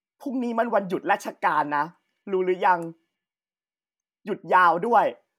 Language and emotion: Thai, neutral